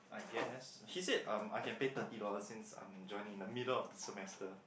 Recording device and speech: boundary microphone, conversation in the same room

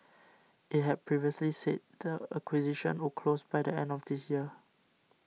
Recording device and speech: mobile phone (iPhone 6), read sentence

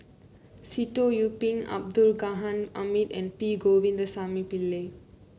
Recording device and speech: mobile phone (Samsung C9), read sentence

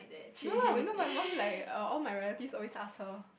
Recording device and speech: boundary microphone, conversation in the same room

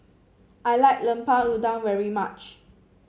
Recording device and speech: mobile phone (Samsung C7), read sentence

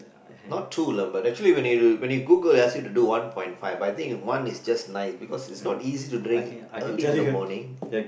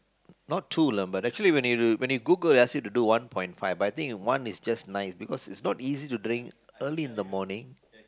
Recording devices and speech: boundary microphone, close-talking microphone, conversation in the same room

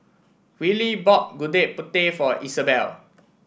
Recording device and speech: boundary microphone (BM630), read sentence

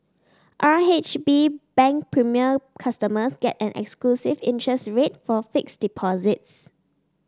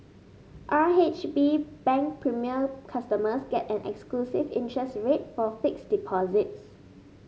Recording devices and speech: standing microphone (AKG C214), mobile phone (Samsung S8), read sentence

